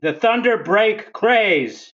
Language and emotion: English, angry